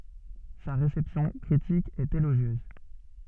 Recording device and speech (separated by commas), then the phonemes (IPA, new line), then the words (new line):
soft in-ear microphone, read sentence
sa ʁesɛpsjɔ̃ kʁitik ɛt eloʒjøz
Sa réception critique est élogieuse.